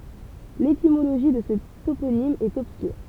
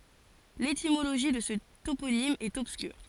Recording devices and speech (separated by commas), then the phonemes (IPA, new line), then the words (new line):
temple vibration pickup, forehead accelerometer, read sentence
letimoloʒi də sə toponim ɛt ɔbskyʁ
L'étymologie de ce toponyme est obscure.